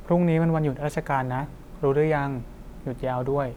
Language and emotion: Thai, neutral